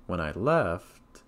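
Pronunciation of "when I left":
The voice rises on 'left', which signals that the idea is unfinished.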